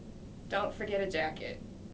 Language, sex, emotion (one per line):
English
female
neutral